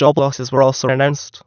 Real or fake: fake